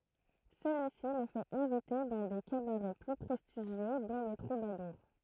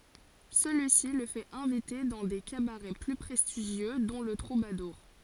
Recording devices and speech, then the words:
throat microphone, forehead accelerometer, read sentence
Celui-ci le fait inviter dans des cabarets plus prestigieux, dont le Troubadour.

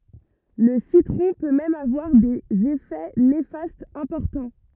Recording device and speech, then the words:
rigid in-ear microphone, read sentence
Le citron peut même avoir des effets néfastes importants.

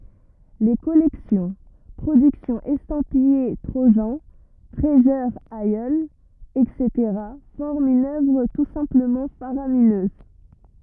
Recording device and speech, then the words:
rigid in-ear microphone, read sentence
Les collections, productions estampillées Trojan, Treasure Isle, etc. forment une œuvre tout simplement faramineuse.

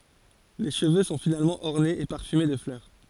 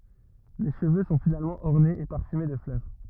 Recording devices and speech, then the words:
forehead accelerometer, rigid in-ear microphone, read sentence
Les cheveux sont finalement ornés et parfumés de fleurs.

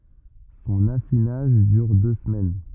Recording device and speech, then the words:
rigid in-ear microphone, read sentence
Son affinage dure deux semaines.

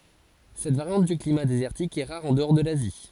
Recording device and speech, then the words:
forehead accelerometer, read sentence
Cette variante du climat désertique est rare en-dehors de l'Asie.

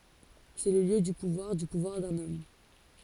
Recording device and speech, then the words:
forehead accelerometer, read sentence
C’est le lieu du pouvoir, du pouvoir d’un homme.

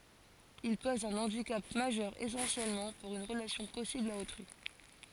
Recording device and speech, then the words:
forehead accelerometer, read sentence
Il pose un handicap majeur essentiellement pour une relation possible à autrui.

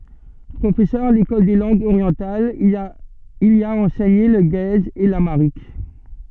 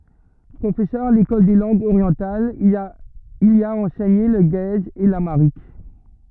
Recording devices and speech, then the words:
soft in-ear microphone, rigid in-ear microphone, read sentence
Professeur à l'École des langues orientales, il y a enseigné le guèze et l'amharique.

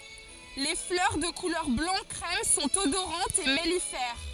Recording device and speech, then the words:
forehead accelerometer, read sentence
Les fleurs, de couleur blanc crème, sont odorantes et mellifères.

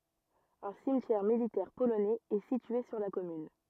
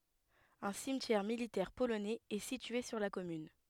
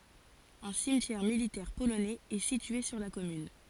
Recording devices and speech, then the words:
rigid in-ear microphone, headset microphone, forehead accelerometer, read sentence
Un cimetière militaire polonais est situé sur la commune.

